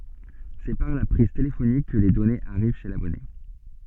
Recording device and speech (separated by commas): soft in-ear microphone, read sentence